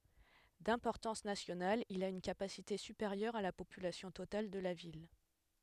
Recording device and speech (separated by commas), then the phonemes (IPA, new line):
headset microphone, read sentence
dɛ̃pɔʁtɑ̃s nasjonal il a yn kapasite sypeʁjœʁ a la popylasjɔ̃ total də la vil